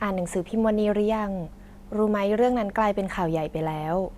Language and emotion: Thai, neutral